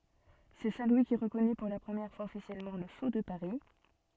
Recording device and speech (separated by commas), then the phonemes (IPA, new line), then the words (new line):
soft in-ear microphone, read sentence
sɛ sɛ̃ lwi ki ʁəkɔny puʁ la pʁəmjɛʁ fwaz ɔfisjɛlmɑ̃ lə so də paʁi
C'est Saint Louis qui reconnut pour la première fois officiellement le sceau de Paris.